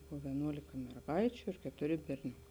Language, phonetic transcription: Lithuanian, ˈbuvo vieˈnuolika merˈgaičiu ir ketuˈri berˈniuka

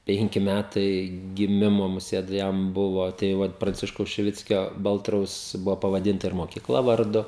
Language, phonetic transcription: Lithuanian, ˈpenki ˈmætai giˈmimo muˈsėt ˈjam ˈbuvo tai ˈvat pranˈciškaus šiˈvickio ˈbaltraus ˈbuvo pavaˈdinta ir mokiˈkla varˈdu

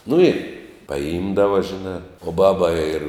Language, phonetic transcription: Lithuanian, nu i paˈimdava žiˈnā o ˈbaba ir

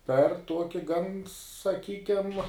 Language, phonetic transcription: Lithuanian, per ˈtuoki gan saˈkykem

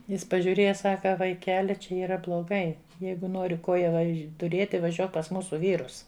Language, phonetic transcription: Lithuanian, ˈjis pažiūˈrėja ˈsaka vaiˈkeli ˈčia yˈra bloˈgai ˈjeigu ˈnori ˈkoja ˈvaž' tuˈrėti vaˈžiuok pas ˈmūsu ˈvyrus

